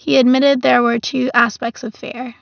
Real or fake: real